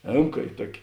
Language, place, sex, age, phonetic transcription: Lithuanian, Žemaitija, male, 60+, ˈėmka i ˈtuoki

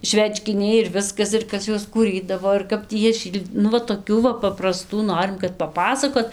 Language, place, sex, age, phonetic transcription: Lithuanian, Dzūkija, female, 18-60, ˈšvečkiniai ir ˈviskas ir ˈkas ˈjuos kūˈrydavo ir ˈkap tį jie ˈšyl' nu ˈva toˈkių va papraˈstų ˈnorim kad paˈpasakot

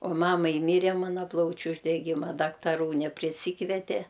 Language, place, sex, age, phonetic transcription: Lithuanian, Aukštaitija, female, 60+, o ˈmamai ˈmyre ˈmana ˈplaučiu uždeˈgima daktaˈrų nepriˈsykvete

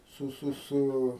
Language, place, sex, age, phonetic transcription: Lithuanian, Aukštaitija, male, 60+, ˈsu ˈsu ˈsu

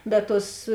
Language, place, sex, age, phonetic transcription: Lithuanian, Žemaitija, female, 18-60, bet ˈtuos

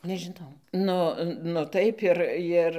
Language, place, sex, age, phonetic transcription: Lithuanian, Dzūkija, female, 60+, nežiˈnau ˈnu nu ˈtaip ir ˈir

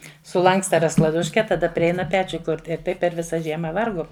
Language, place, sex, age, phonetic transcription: Lithuanian, Žemaitija, female, 60+, suˈlanksta rasklaˈduške taˈda priˈeina ˈpečiu ˈkurti ir ˈtaip per ˈvisa ˈžiema ˈvarguom

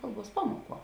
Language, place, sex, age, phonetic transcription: Lithuanian, Žemaitija, female, 18-60, ˈkalˌbuos ˈpamuoˌkuo

